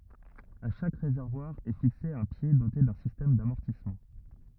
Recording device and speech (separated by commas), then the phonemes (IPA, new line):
rigid in-ear microphone, read sentence
a ʃak ʁezɛʁvwaʁ ɛ fikse œ̃ pje dote dœ̃ sistɛm damɔʁtismɑ̃